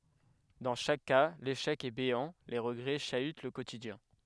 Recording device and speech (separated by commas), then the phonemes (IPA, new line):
headset microphone, read sentence
dɑ̃ ʃak ka leʃɛk ɛ beɑ̃ le ʁəɡʁɛ ʃayt lə kotidjɛ̃